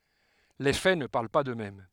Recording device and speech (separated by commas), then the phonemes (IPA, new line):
headset microphone, read sentence
le fɛ nə paʁl pa døksmɛm